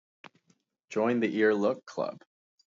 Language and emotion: English, happy